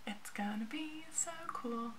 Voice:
in a sing-song voice